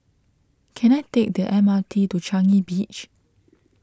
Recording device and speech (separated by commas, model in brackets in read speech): close-talking microphone (WH20), read sentence